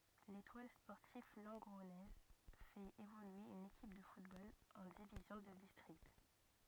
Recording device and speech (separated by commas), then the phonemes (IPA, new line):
rigid in-ear microphone, read sentence
letwal spɔʁtiv lɑ̃ɡʁɔnɛz fɛt evolye yn ekip də futbol ɑ̃ divizjɔ̃ də distʁikt